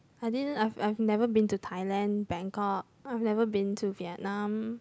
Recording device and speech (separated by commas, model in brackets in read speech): close-talking microphone, conversation in the same room